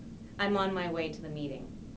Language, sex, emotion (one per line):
English
female
neutral